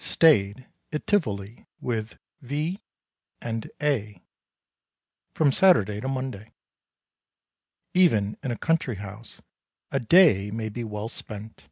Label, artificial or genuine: genuine